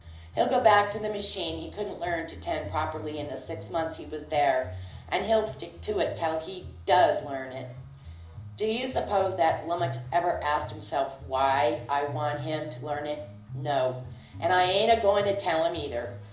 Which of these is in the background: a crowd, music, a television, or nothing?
Music.